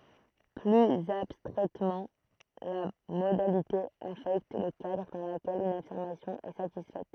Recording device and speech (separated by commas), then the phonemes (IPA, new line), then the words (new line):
throat microphone, read sentence
plyz abstʁɛtmɑ̃ la modalite afɛkt lə kadʁ dɑ̃ ləkɛl yn afiʁmasjɔ̃ ɛ satisfɛt
Plus abstraitement, la modalité affecte le cadre dans lequel une affirmation est satisfaite.